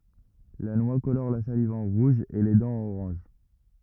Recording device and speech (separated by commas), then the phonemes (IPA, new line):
rigid in-ear microphone, read sentence
la nwa kolɔʁ la saliv ɑ̃ ʁuʒ e le dɑ̃z ɑ̃n oʁɑ̃ʒ